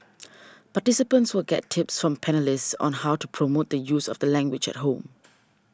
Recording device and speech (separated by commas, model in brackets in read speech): standing microphone (AKG C214), read sentence